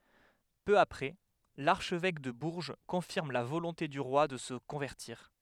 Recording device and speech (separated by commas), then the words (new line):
headset microphone, read sentence
Peu après, l’archevêque de Bourges confirme la volonté du roi de se convertir.